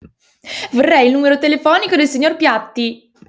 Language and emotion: Italian, happy